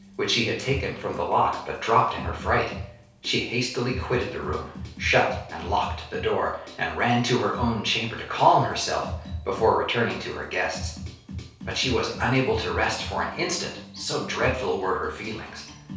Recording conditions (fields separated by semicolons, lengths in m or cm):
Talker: one person; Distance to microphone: 3.0 m; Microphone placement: far; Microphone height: 1.8 m; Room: small (3.7 m by 2.7 m); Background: music